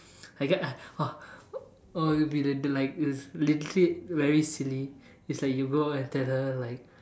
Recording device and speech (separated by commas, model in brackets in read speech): standing microphone, conversation in separate rooms